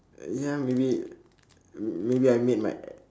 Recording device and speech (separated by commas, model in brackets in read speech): standing microphone, conversation in separate rooms